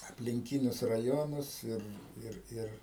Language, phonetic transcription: Lithuanian, aplinˈkinius raˈjonus ˈir ˈir ˈir

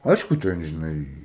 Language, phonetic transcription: Lithuanian, ˈaišku ˈten žiˈnai

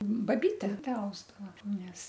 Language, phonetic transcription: Lithuanian, baˈbyte ˈtę ˈausdava ˈnes

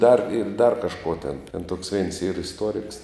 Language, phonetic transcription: Lithuanian, dar ir dar kažˈko tėn ten toks veins yr isˈtuoriks

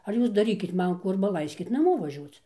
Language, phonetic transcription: Lithuanian, ar ˈjūs daˈrykit ˈman ˈkų ˈarba ˈlaiskit naˈmo vaˈžiuoc

